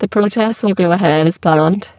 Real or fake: fake